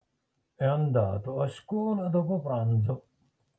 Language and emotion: Italian, neutral